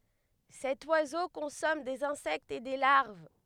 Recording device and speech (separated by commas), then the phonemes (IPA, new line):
headset microphone, read sentence
sɛt wazo kɔ̃sɔm dez ɛ̃sɛktz e de laʁv